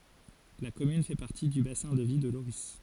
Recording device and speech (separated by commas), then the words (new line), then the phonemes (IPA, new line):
forehead accelerometer, read sentence
La commune fait partie du bassin de vie de Lorris.
la kɔmyn fɛ paʁti dy basɛ̃ də vi də loʁi